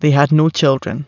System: none